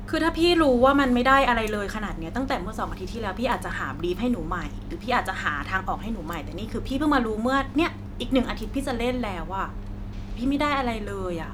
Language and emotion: Thai, frustrated